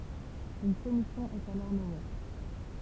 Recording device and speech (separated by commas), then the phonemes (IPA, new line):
temple vibration pickup, read sentence
yn kɔmisjɔ̃ ɛt alɔʁ nɔme